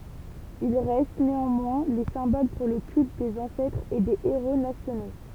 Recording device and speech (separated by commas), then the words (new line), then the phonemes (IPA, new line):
temple vibration pickup, read sentence
Il reste, néanmoins, les symboles pour le culte des ancêtres et des héros nationaux.
il ʁɛst neɑ̃mwɛ̃ le sɛ̃bol puʁ lə kylt dez ɑ̃sɛtʁz e de eʁo nasjono